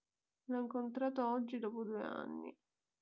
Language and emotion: Italian, sad